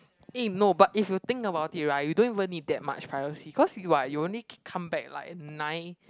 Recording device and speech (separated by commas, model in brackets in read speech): close-talking microphone, conversation in the same room